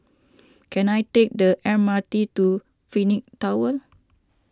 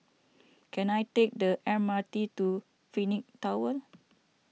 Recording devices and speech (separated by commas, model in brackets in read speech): standing microphone (AKG C214), mobile phone (iPhone 6), read sentence